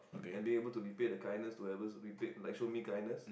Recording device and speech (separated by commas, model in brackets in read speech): boundary microphone, conversation in the same room